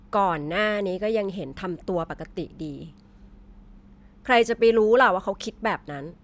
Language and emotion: Thai, frustrated